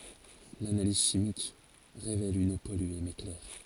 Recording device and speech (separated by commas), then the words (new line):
forehead accelerometer, read sentence
L'analyse chimique révèle une eau polluée mais claire.